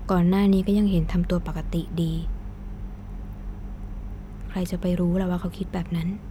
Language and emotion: Thai, frustrated